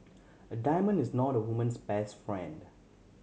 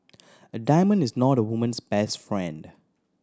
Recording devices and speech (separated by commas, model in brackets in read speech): mobile phone (Samsung C7100), standing microphone (AKG C214), read sentence